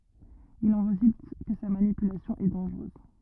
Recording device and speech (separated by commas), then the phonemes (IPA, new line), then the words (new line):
rigid in-ear microphone, read sentence
il ɑ̃ ʁezylt kə sa manipylasjɔ̃ ɛ dɑ̃ʒʁøz
Il en résulte que sa manipulation est dangereuse.